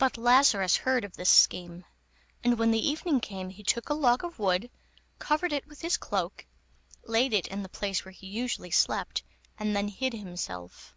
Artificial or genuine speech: genuine